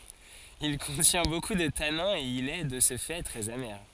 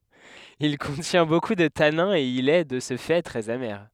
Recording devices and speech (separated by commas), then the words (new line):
forehead accelerometer, headset microphone, read sentence
Il contient beaucoup de tanins et il est, de ce fait, très amer.